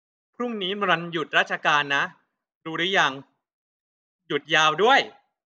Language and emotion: Thai, happy